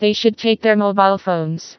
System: TTS, vocoder